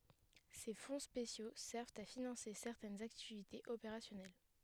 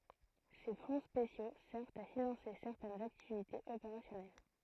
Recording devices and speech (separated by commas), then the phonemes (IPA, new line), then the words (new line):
headset microphone, throat microphone, read sentence
se fɔ̃ spesjo sɛʁvt a finɑ̃se sɛʁtɛnz aktivitez opeʁasjɔnɛl
Ces fonds spéciaux servent à financer certaines activités opérationnelles.